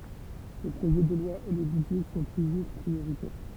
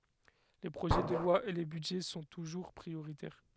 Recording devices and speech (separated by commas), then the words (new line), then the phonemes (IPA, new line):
temple vibration pickup, headset microphone, read sentence
Les projets de loi et les budgets sont toujours prioritaires.
le pʁoʒɛ də lwa e le bydʒɛ sɔ̃ tuʒuʁ pʁioʁitɛʁ